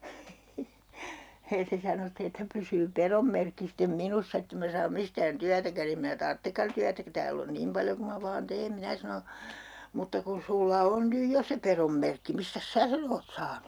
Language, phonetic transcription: Finnish, hee 'se sano ste että 'pysyy "perom merkki stem "minussa ett ‿em mä saam 'mistään "tyätäkän ‿ » em minä "tarttekkan tyätä ku 'tääl ‿on "nim paljo ku ma 'vaan 'teem » 'minä sano , » mutta kun̬ 'sulla on 'nyj "jo se 'perom merkki , mistäs "sää sen ‿oot 'saanu ?
- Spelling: hee se sanoi sitten että pysyy pedon merkki sitten minussa että en minä saa mistään työtäkään en minä tarvitsekaan työtä kun täällä on niin paljon kuin minä vain teen minä sanoin mutta kun sinulla on nyt jo se pedon merkki mistäs sinä sen olet saanut

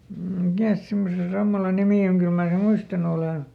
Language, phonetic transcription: Finnish, ˈmikä̀s simmose ˈsammala ˈnimì oŋ ˈkyl mää sem̆ ˈmuistanu olèn̬ .
- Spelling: mikäs semmoisen sammalan nimi on kyllä minä sen muistanut olen

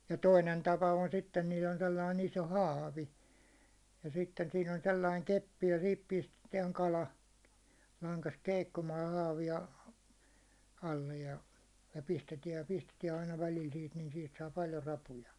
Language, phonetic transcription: Finnish, ja 'toinen 'tapa on sitten niil ‿on 'sellain iso "hâvi , ja sitten siin ‿on 'sellaiŋ 'keppi ja sihip 'pistetiɛŋ 'kala , laŋkast keikkumaaj ja haavi₍a , 'allej ja , ja 'pistetiɛj ja 'pistetiɛ aina välil siit nin siit saa 'paljo 'rapuja .
- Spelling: ja toinen tapa on sitten niillä on sellainen iso haavi ja sitten siinä on sellainen keppi ja siihen pistetään kala langasta keikkumaan ja haavia alle ja ja pistetään ja pistetään aina välillä siitä niin siitä saa paljon rapuja

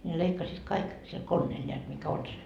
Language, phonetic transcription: Finnish, ne 'leikkasiit "kaik , sil "konneel ńeät mikä "on se .
- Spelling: ne leikkasivat kaikki sillä koneella näet mikä on se

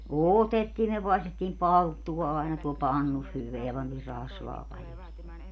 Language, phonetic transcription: Finnish, "òtettii myö 'paestettiim "palttuwa aena tuol 'pannus 'hyveä pantiir 'rasvaa paĺjo (sinne) .
- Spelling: otettiin me paistettiin palttua aina tuolla pannussa hyvää pantiin rasvaa paljon sinne

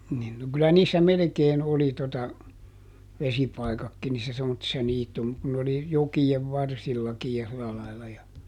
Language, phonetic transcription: Finnish, nin no ˈkylä niissä ˈmelᵉkeen ˈoli tota , ˈvesipaikakki niissä ˈsemmottissa ˈniitum- , kun n ‿oli , "joki₍ev ˈvarsillakij ja ˈsila lailla ja ,.
- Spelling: niin no kyllä niissä melkein oli tuota vesipaikatkin niissä semmoisissa - kun ne oli jokien varsillakin ja sillä lailla ja

